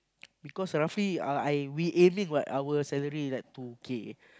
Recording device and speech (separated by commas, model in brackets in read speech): close-talking microphone, conversation in the same room